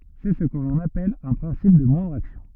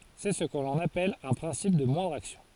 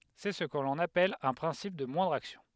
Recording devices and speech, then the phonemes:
rigid in-ear microphone, forehead accelerometer, headset microphone, read sentence
sɛ sə kə lɔ̃n apɛl œ̃ pʁɛ̃sip də mwɛ̃dʁ aksjɔ̃

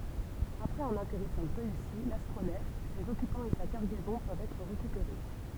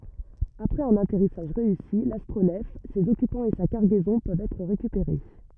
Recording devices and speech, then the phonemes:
temple vibration pickup, rigid in-ear microphone, read sentence
apʁɛz œ̃n atɛʁisaʒ ʁeysi lastʁonɛf sez ɔkypɑ̃z e sa kaʁɡɛzɔ̃ pøvt ɛtʁ ʁekypeʁe

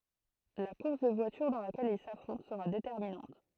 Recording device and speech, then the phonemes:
throat microphone, read sentence
la kuʁs də vwatyʁ dɑ̃ lakɛl il safʁɔ̃t səʁa detɛʁminɑ̃t

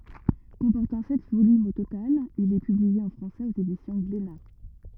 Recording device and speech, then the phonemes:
rigid in-ear microphone, read sentence
kɔ̃pɔʁtɑ̃ sɛt volymz o total il ɛ pyblie ɑ̃ fʁɑ̃sɛz oz edisjɔ̃ ɡlena

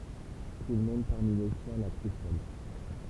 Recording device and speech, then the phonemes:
temple vibration pickup, read sentence
tulmɔ̃d paʁmi le sjɛ̃ la kʁy fɔl

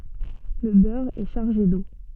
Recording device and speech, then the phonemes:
soft in-ear microphone, read sentence
lə bœʁ ɛ ʃaʁʒe do

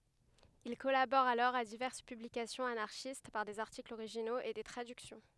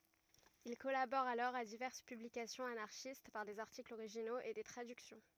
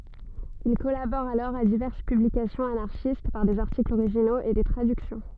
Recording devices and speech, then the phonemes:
headset microphone, rigid in-ear microphone, soft in-ear microphone, read sentence
il kɔlabɔʁ alɔʁ a divɛʁs pyblikasjɔ̃z anaʁʃist paʁ dez aʁtiklz oʁiʒinoz e de tʁadyksjɔ̃

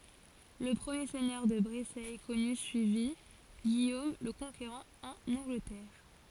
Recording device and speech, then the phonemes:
forehead accelerometer, read sentence
lə pʁəmje sɛɲœʁ də bʁesɛ kɔny syivi ɡijom lə kɔ̃keʁɑ̃ ɑ̃n ɑ̃ɡlətɛʁ

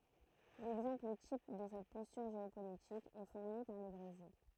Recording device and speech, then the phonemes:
throat microphone, read sentence
lɛɡzɑ̃pl tip də sɛt pɔstyʁ ʒeopolitik ɛ fuʁni paʁ lə bʁezil

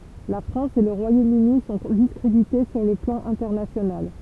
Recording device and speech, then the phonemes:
temple vibration pickup, read sentence
la fʁɑ̃s e lə ʁwajomøni sɔ̃ diskʁedite syʁ lə plɑ̃ ɛ̃tɛʁnasjonal

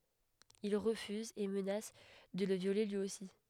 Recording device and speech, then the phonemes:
headset microphone, read sentence
il ʁəfyzt e mənas də lə vjole lyi osi

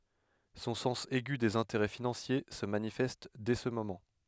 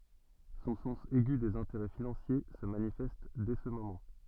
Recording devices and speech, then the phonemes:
headset microphone, soft in-ear microphone, read sentence
sɔ̃ sɑ̃s ɛɡy dez ɛ̃teʁɛ finɑ̃sje sə manifɛst dɛ sə momɑ̃

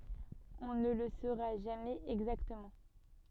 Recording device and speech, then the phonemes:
soft in-ear microphone, read sentence
ɔ̃ nə lə soʁa ʒamɛz ɛɡzaktəmɑ̃

